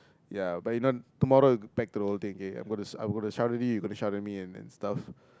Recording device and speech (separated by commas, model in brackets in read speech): close-talking microphone, conversation in the same room